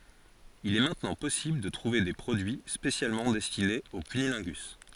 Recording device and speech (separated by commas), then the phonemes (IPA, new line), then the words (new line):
forehead accelerometer, read sentence
il ɛ mɛ̃tnɑ̃ pɔsibl də tʁuve de pʁodyi spesjalmɑ̃ dɛstinez o kynilɛ̃ɡys
Il est maintenant possible de trouver des produits spécialement destinés au cunnilingus.